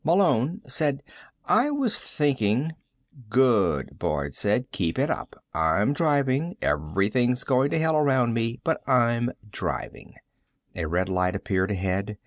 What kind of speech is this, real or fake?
real